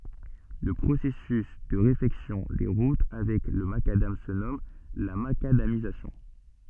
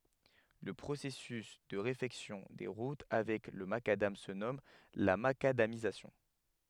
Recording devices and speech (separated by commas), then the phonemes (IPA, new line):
soft in-ear microphone, headset microphone, read sentence
lə pʁosɛsys də ʁefɛksjɔ̃ de ʁut avɛk lə makadam sə nɔm la makadamizasjɔ̃